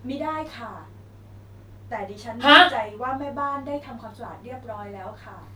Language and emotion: Thai, neutral